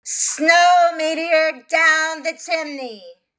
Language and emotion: English, disgusted